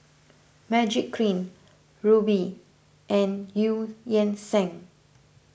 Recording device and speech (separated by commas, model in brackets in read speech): boundary microphone (BM630), read sentence